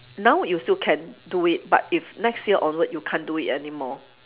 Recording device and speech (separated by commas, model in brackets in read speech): telephone, conversation in separate rooms